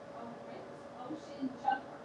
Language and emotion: English, disgusted